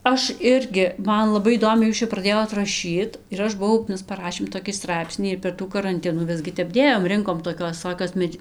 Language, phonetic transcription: Lithuanian, ˈaš ˈirgi ˈman laˈbai įˈdomiai ˈjūs čia praˈdėjot raˈšyt ir ˈaš buˈvau ˈmes paˈrašėm toˈkį ˈstraipsnį ir per ˈtų karanˈtinų ˈvisgi ˈtep ˈdėjom ˈrinkom toˈkios viˈsokios ˈmedž

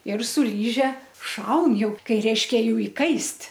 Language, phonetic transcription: Lithuanian, ir su ˈlyže ˈšaun ˈjau ˈkai ˈreiškia ˈjų iˈkaist'

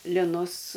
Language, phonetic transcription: Lithuanian, liˈnus

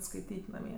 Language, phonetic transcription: Lithuanian, skaiˈtyt' naˈmie

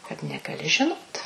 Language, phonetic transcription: Lithuanian, kad negaˈli žiˈnot

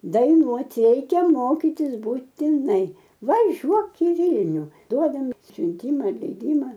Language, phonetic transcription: Lithuanian, daiˈnuoti ˈreikia ˈmokytis būtiˈnai vaˈžiuok i ˈvylniu ˈduodam siunˈtyma leiˈdyma

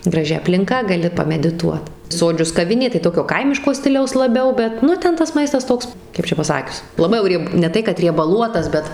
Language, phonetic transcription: Lithuanian, graˈži aplinˈka gaˈli pamediˈtuot ˈsodžius kaˈvinė tai ˈtokio ˈkaimiško ˈstiliaus laˈbiau ˈbet ˈnu ˈten tas ˈmaistas ˈtoks ˈkaip čia paˈsakius laˈbai jau ˈrieb ne ˈtai kad riebaˈluotas ˈbet

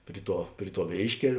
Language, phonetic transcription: Lithuanian, ˈpri ˌtuo ˈpri ˌtuo ˈvėiškel'

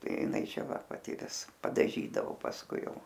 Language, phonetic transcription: Lithuanian, ˈtai jiˈnai ˈčia ˈva paˈti ˈvis padaˈžydavo pasˈkui ˈjau

